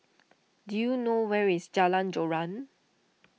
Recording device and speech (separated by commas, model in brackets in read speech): mobile phone (iPhone 6), read sentence